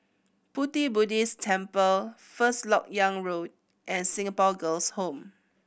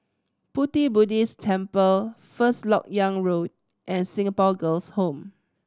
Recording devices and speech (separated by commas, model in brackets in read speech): boundary microphone (BM630), standing microphone (AKG C214), read sentence